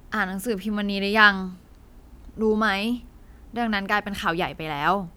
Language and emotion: Thai, frustrated